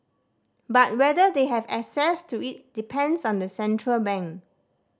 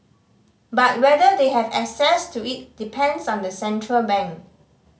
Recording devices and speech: standing microphone (AKG C214), mobile phone (Samsung C5010), read sentence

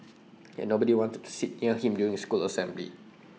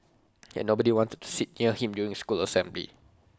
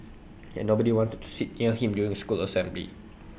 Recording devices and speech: mobile phone (iPhone 6), close-talking microphone (WH20), boundary microphone (BM630), read sentence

